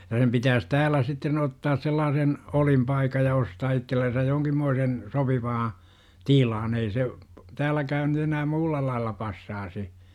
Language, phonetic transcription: Finnish, ja sem pitääs "täälä sitten 'ottaas sellaasen , "olimpaikaj ja 'ostaa ittellensäj 'jooŋkimmoisen , 'sopivaa , "tilan 'ei se , "täälläkään nyt ‿enää 'muulla laalla 'passaasi .
- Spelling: ja sen pitäisi täällä sitten ottaa sellainen olinpaikka ja ostaa itsellensä jonkinmoinen sopiva tila ei se täälläkään nyt enää muulla lailla passaisi

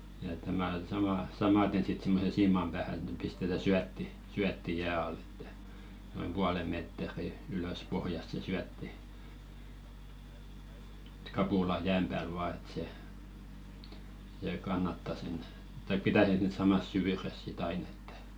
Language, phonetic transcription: Finnish, ja ‿et tämä , samà- , 'samaten sit 'simmosen "siimam ʙäähä ᵉᵗ ⁿᵉ pistetä "syätti , 'syätti "jää al ‿ᴇttᴀ̈ , noim 'puale mèt̀ᵉri ylös 'pohjast se "syätti , ᴇt 'kapula "jääm pääl 'vaa et se , sè 'kannatta sen , taik "pitä̀ 'sen sit 'samas "syvyres si't ‿ain ‿ᴇttᴀ̈ .
- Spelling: ja että tämä - samaten sitten semmoisen siiman päähän että ne pistetään syötti syötti jään alle että noin puolen metriä ylös pohjasta se syötti että kapula jää päällä vain että se se kannattaa sen tai pitää sen sitten samassa syvyydessä sitten aina että

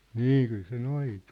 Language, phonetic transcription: Finnish, nî kyl se 'noitᴜ .
- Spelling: niin kyllä se noitui

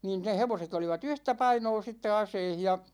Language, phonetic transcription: Finnish, 'niin ne 'hevoset ‿oliva"t ‿yhtä 'painoo sitte "aseih ja ,.
- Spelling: niin ne hevoset olivat yhtä painoa sitten aseissa ja

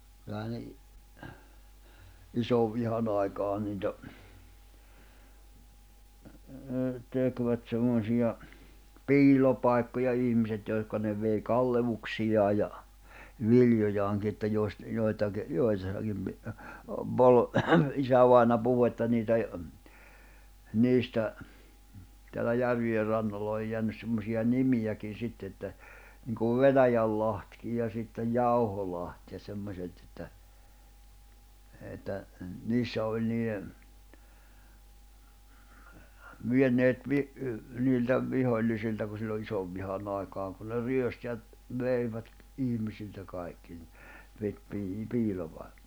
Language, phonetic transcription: Finnish, kylähän ne i- , 'isovvihanⁿ ‿aikaa niitä , 'tekvät semmosija , "piil̜opàikkoja 'ihm̀iset jòihka ne vei 'kallevuksijaa ja , "viljojaaŋki että joⁱst- , joitakⁱ , 'joissakim pi- , pol- , 'isävaina 'puhu että niitä e- , 'niistä , teälä 'järvi₍e rannolla oj jeännys semmosiʲa "nimijäkin̬ 'sitte että , niŋkuv "Venäjällahtkij ja sittej "Jauholaht ja semmośet että , että , 'niissä oĺ nii₍e , 'vieneet 'vi- , niiltä , 'vihoĺlisilta ku sillo 'isovvihanⁿ ‿aikaaŋ kun ne 'ryöst ja , 'veivät , 'ihmisiltä 'kài̬kki ni , pit pii- i- piilopai̬k- .
- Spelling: kyllähän ne - isonvihan aikaan niitä tekivät semmoisia piilopaikkoja ihmiset joihin ne vei kalleuksiaan ja viljojaankin että - joitakin joissakin - - isävainaja puhui että niitä - niistä täällä järvien rannoilla on jäänyt semmoisia nimiäkin sitten että niin kuin Venäjälahti ja sitten Jauholahti ja semmoiset että että niissä oli niiden vieneet - niiltä vihollisilta kun silloin isonvihan aikaan kun ne ryösti ja veivät ihmisiltä kaikki niin piti - - -

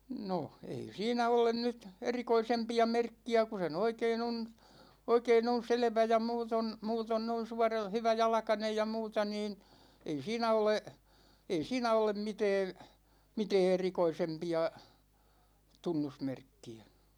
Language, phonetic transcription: Finnish, 'no , 'ei "siinä 'olen nyt , "erikoisempi₍a 'merkki₍ä ku se (ny) 'oikein ‿on̬ , 'oikein ‿on̬ "selᵉvä ja 'muuton , 'muuton noin 'suaral- , 'hyväjalᵃkanej ja 'muuta niin , ei 'siinä ole , ei "siinä olem "mitɛɛn , 'mitɛɛ "erikoisempi₍a , 'tunnusmerkki₍ä .
- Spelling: no ei siinä ole nyt erikoisempia merkkiä kun se nyt oikein on oikein on selvä ja muuten muuten noin - hyväjalkainen ja muuta niin ei siinä ole ei siinä ole mitään mitään erikoisempia tunnusmerkkiä

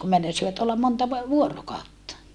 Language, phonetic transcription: Finnish, kum meinasivat ollam monta ‿v- , vuorokaotta .
- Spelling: kun meinasivat olla monta - vuorokautta

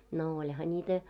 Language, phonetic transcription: Finnish, no 'oĺha 'niitä .
- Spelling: no olihan niitä

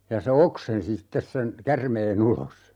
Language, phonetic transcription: Finnish, ja se "oksensi 'sittes sen , "kärmee'n ‿ulos .
- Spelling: ja se oksensi sitten sen käärmeen ulos

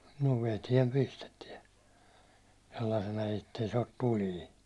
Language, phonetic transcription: Finnish, no 'vetiɛm 'pistetiɛ , sellaⁱsena ettei se ot 'tuli .
- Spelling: no veteen pistetään sellaisena että ei se ole tulinen

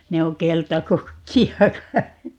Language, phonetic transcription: Finnish, 'ne o "keltakukki₍a 'kai .
- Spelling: ne on keltakukkia kai

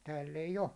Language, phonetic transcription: Finnish, tääll ‿ei'j ‿o .
- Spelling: täällä ei ole

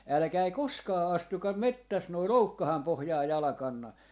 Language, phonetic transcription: Finnish, "äläkäi "koskaa 'astukam "mettäs noi "loukkaham 'pohjaa "jalᵃkanna .
- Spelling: älkää koskaan astuko metsässä noin loukkaan pohjaan jalkaanne

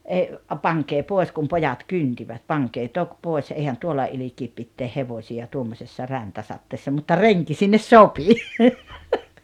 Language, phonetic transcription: Finnish, ei , 'paŋkee 'pòes « kum 'pojat "kyntivät » 'paŋkee 'tok 'pòes eihän 'tuolla 'ilikiip pitteeh "hevośi₍a 'tuommosessa "räntäsatteessa « mutta "reŋki 'sinnes "sopi .
- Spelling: ei pankaa pois kun pojat kyntivät pankaa toki pois eihän tuolla ilkeä pitää hevosia tuommoisessa räntäsateessa mutta renki sinne sopi

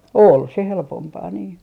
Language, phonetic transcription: Finnish, "ol se 'helpompaa nii .
- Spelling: oli se helpompaa niin

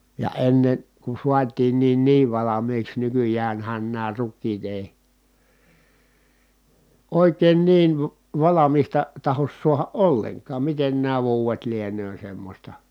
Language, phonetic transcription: Finnish, ja ennen̬ , ku suatiinniin niiv valamiiks nykyjäänhän nää rukkiit ‿èi , òikeen niiv va- , valamista , tahos suaha ʼolleŋkaam miten nää vuuwet lienöö semmośta .
- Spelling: ja ennen kun saatiinkin niin valmiiksi nykyäänhän nämä rukiit ei oikein niin - valmista tahdo saada ollenkaan miten nämä vuodet lienee semmoista

